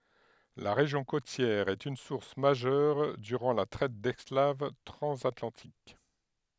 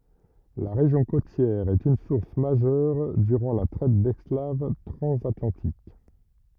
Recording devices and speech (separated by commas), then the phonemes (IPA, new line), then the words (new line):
headset microphone, rigid in-ear microphone, read sentence
la ʁeʒjɔ̃ kotjɛʁ ɛt yn suʁs maʒœʁ dyʁɑ̃ la tʁɛt dɛsklav tʁɑ̃zatlɑ̃tik
La région côtière est une source majeure durant la traite d'esclaves transatlantique.